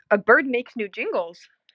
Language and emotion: English, surprised